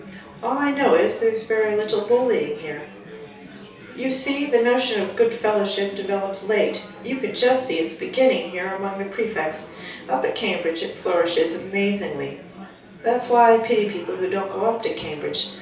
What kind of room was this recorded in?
A small room (about 3.7 m by 2.7 m).